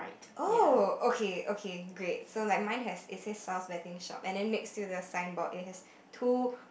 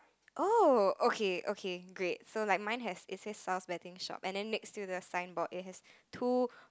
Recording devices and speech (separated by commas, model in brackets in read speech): boundary microphone, close-talking microphone, conversation in the same room